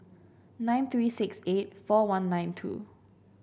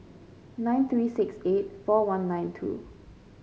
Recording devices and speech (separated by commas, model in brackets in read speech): boundary microphone (BM630), mobile phone (Samsung C5), read sentence